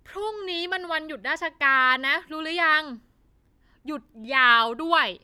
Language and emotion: Thai, frustrated